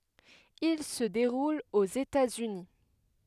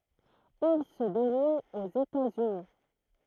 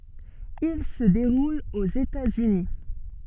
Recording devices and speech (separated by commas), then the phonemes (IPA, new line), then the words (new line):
headset microphone, throat microphone, soft in-ear microphone, read sentence
il sə deʁul oz etaz yni
Il se déroule aux États-Unis.